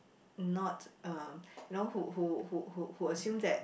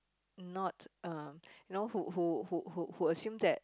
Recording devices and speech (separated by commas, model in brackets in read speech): boundary microphone, close-talking microphone, conversation in the same room